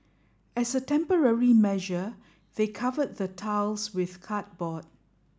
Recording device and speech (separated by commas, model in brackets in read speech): standing microphone (AKG C214), read sentence